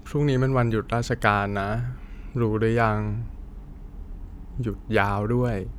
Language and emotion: Thai, frustrated